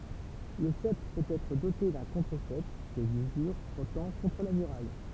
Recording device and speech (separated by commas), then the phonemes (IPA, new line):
temple vibration pickup, read sentence
lə sɛp pøt ɛtʁ dote dœ̃ kɔ̃tʁəzɛp pjɛs dyzyʁ fʁɔtɑ̃ kɔ̃tʁ la myʁaj